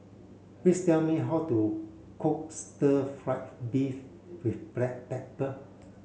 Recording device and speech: mobile phone (Samsung C7), read sentence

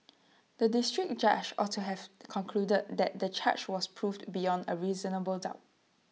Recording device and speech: mobile phone (iPhone 6), read sentence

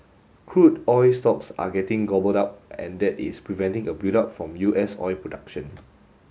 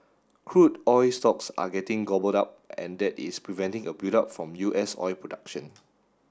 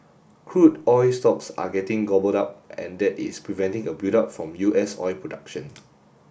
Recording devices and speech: mobile phone (Samsung S8), standing microphone (AKG C214), boundary microphone (BM630), read sentence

